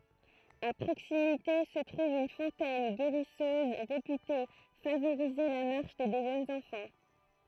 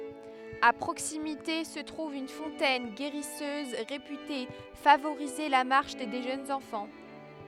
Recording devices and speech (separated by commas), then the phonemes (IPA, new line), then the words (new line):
throat microphone, headset microphone, read sentence
a pʁoksimite sə tʁuv yn fɔ̃tɛn ɡeʁisøz ʁepyte favoʁize la maʁʃ de ʒønz ɑ̃fɑ̃
À proximité se trouve une fontaine guérisseuse, réputée favoriser la marche des jeunes enfants.